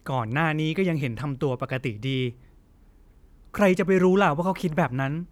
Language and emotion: Thai, frustrated